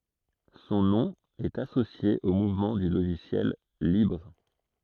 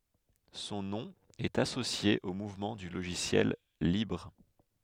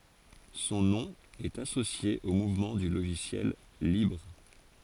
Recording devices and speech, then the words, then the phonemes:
throat microphone, headset microphone, forehead accelerometer, read sentence
Son nom est associé au mouvement du logiciel libre.
sɔ̃ nɔ̃ ɛt asosje o muvmɑ̃ dy loʒisjɛl libʁ

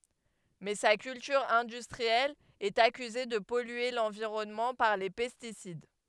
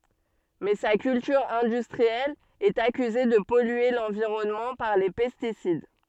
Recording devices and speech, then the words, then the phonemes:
headset microphone, soft in-ear microphone, read sentence
Mais sa culture industrielle est accusée de polluer l'environnement par les pesticides.
mɛ sa kyltyʁ ɛ̃dystʁiɛl ɛt akyze də pɔlye lɑ̃viʁɔnmɑ̃ paʁ le pɛstisid

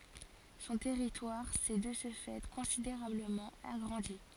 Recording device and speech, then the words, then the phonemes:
forehead accelerometer, read sentence
Son territoire s'est de ce fait considérablement agrandi.
sɔ̃ tɛʁitwaʁ sɛ də sə fɛ kɔ̃sideʁabləmɑ̃ aɡʁɑ̃di

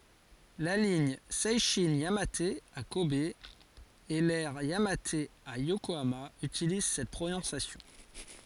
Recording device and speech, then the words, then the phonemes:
forehead accelerometer, read sentence
La ligne Seishin-Yamate à Kobe et l'aire Yamate à Yokohama utilisent cette prononciation.
la liɲ sɛʃɛ̃ jamat a kɔb e lɛʁ jamat a jokoama ytiliz sɛt pʁonɔ̃sjasjɔ̃

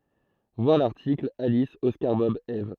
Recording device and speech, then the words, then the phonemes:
throat microphone, read sentence
Voir l'article Alice Oscar Bob Eve.
vwaʁ laʁtikl alis ɔskaʁ bɔb ɛv

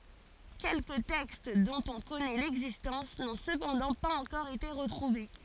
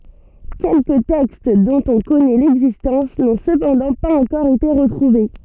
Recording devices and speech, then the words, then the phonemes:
forehead accelerometer, soft in-ear microphone, read sentence
Quelques textes, dont on connaît l’existence, n’ont cependant pas encore été retrouvés.
kɛlkə tɛkst dɔ̃t ɔ̃ kɔnɛ lɛɡzistɑ̃s nɔ̃ səpɑ̃dɑ̃ paz ɑ̃kɔʁ ete ʁətʁuve

